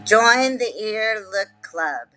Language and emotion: English, neutral